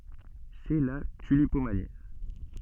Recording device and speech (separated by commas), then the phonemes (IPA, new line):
soft in-ear microphone, read sentence
sɛ la tylipomani